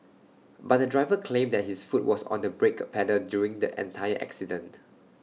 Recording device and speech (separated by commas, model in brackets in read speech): mobile phone (iPhone 6), read sentence